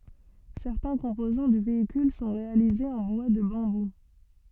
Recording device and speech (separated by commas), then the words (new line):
soft in-ear microphone, read sentence
Certains composants du véhicule sont réalisés en bois de bambou.